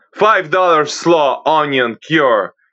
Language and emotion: English, disgusted